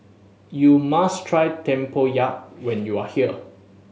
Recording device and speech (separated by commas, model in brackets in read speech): mobile phone (Samsung S8), read sentence